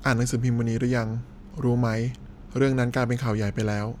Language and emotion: Thai, neutral